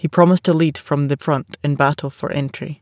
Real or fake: real